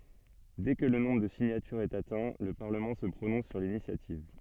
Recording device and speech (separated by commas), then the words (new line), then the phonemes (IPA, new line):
soft in-ear microphone, read sentence
Dès que le nombre de signatures est atteint, le Parlement se prononce sur l'initiative.
dɛ kə lə nɔ̃bʁ də siɲatyʁz ɛt atɛ̃ lə paʁləmɑ̃ sə pʁonɔ̃s syʁ linisjativ